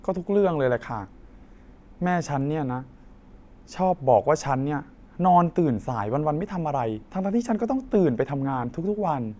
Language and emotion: Thai, frustrated